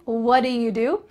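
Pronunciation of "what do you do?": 'What do you do?' is said with a lazy pronunciation.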